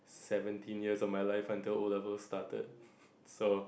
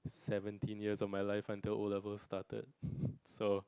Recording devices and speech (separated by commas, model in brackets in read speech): boundary microphone, close-talking microphone, conversation in the same room